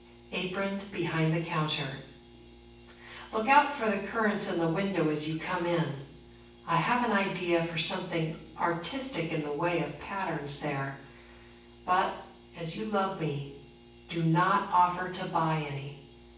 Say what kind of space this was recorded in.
A sizeable room.